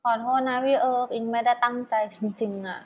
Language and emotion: Thai, sad